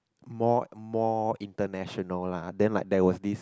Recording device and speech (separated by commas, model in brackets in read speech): close-talking microphone, conversation in the same room